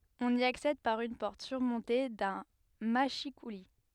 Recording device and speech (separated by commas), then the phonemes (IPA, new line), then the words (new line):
headset microphone, read sentence
ɔ̃n i aksɛd paʁ yn pɔʁt syʁmɔ̃te dœ̃ maʃikuli
On y accède par une porte surmontée d'un mâchicoulis.